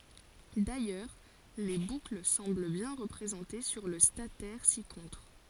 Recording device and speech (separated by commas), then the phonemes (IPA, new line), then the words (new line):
forehead accelerometer, read sentence
dajœʁ le bukl sɑ̃bl bjɛ̃ ʁəpʁezɑ̃te syʁ lə statɛʁ sikɔ̃tʁ
D'ailleurs, les boucles semblent bien représentées sur le statère ci-contre.